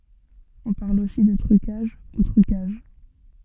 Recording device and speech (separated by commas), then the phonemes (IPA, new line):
soft in-ear microphone, read sentence
ɔ̃ paʁl osi də tʁykaʒ u tʁykaʒ